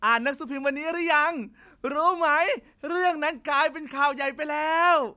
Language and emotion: Thai, happy